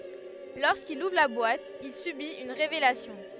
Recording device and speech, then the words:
headset microphone, read sentence
Lorsqu'il ouvre la boîte, il subit une révélation.

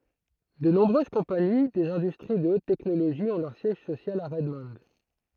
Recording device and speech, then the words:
throat microphone, read sentence
De nombreuses compagnies des industries de haute technologie ont leur siège social à Redmond.

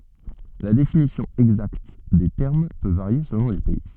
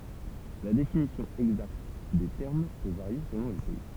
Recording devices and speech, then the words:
soft in-ear microphone, temple vibration pickup, read sentence
La définition exacte des termes peut varier selon les pays.

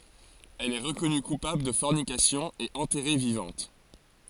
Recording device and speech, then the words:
forehead accelerometer, read sentence
Elle est reconnue coupable de fornication et enterrée vivante.

